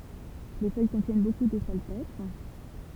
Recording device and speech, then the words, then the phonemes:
temple vibration pickup, read sentence
Les feuilles contiennent beaucoup de salpêtre.
le fœj kɔ̃tjɛn boku də salpɛtʁ

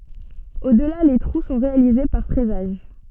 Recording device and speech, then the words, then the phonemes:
soft in-ear microphone, read sentence
Au-delà les trous sont réalisés par fraisage.
odla le tʁu sɔ̃ ʁealize paʁ fʁɛzaʒ

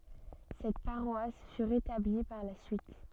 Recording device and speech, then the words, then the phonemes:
soft in-ear microphone, read sentence
Cette paroisse fut rétablie par la suite.
sɛt paʁwas fy ʁetabli paʁ la syit

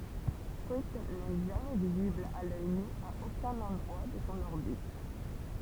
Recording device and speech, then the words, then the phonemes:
temple vibration pickup, read sentence
Cruithne n'est jamais visible à l'œil nu à aucun endroit de son orbite.
kʁyitn nɛ ʒamɛ vizibl a lœj ny a okœ̃n ɑ̃dʁwa də sɔ̃ ɔʁbit

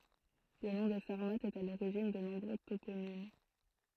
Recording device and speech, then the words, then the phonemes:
throat microphone, read sentence
Le nom des Sarmates est à l'origine de nombreux toponymes.
lə nɔ̃ de saʁmatz ɛt a loʁiʒin də nɔ̃bʁø toponim

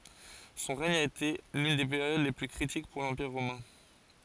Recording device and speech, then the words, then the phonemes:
forehead accelerometer, read sentence
Son règne a été l'une des périodes les plus critiques pour l'Empire romain.
sɔ̃ ʁɛɲ a ete lyn de peʁjod le ply kʁitik puʁ lɑ̃piʁ ʁomɛ̃

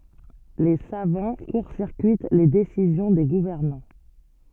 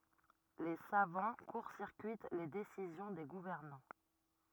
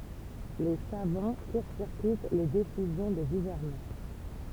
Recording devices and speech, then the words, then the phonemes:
soft in-ear microphone, rigid in-ear microphone, temple vibration pickup, read sentence
Les savants court-circuitent les décisions des gouvernants.
le savɑ̃ kuʁ siʁkyit le desizjɔ̃ de ɡuvɛʁnɑ̃

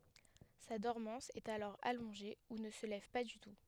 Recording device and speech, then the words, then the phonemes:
headset microphone, read sentence
Sa dormance est alors allongée ou ne se lève pas du tout.
sa dɔʁmɑ̃s ɛt alɔʁ alɔ̃ʒe u nə sə lɛv pa dy tu

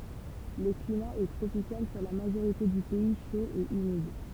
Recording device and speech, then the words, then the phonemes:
temple vibration pickup, read sentence
Le climat est tropical sur la majorité du pays, chaud et humide.
lə klima ɛ tʁopikal syʁ la maʒoʁite dy pɛi ʃo e ymid

